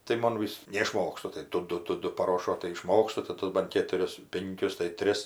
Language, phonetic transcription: Lithuanian, tai ˈmon vis neiˈšmokstu tai ˈdu ˈdu ˈdu paˈrošo tai iˈšmokstu tai ˈtus ban ˈkėturis ˈpinkius tai ˈtris

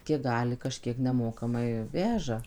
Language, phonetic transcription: Lithuanian, ˈkiek ˈgali kaˈžkiek neˈmokamai ˈveža

